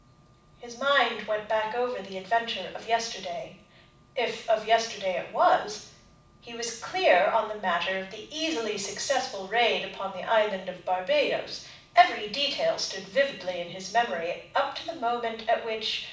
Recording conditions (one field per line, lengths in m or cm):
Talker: one person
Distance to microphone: 5.8 m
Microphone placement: far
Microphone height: 1.8 m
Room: medium-sized (5.7 m by 4.0 m)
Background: none